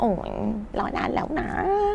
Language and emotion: Thai, happy